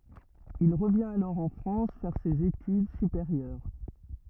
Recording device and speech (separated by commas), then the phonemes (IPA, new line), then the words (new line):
rigid in-ear microphone, read sentence
il ʁəvjɛ̃t alɔʁ ɑ̃ fʁɑ̃s fɛʁ sez etyd sypeʁjœʁ
Il revient alors en France faire ses études supérieures.